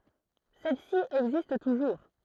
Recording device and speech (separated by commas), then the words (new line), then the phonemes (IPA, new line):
throat microphone, read sentence
Celle-ci existe toujours.
sɛl si ɛɡzist tuʒuʁ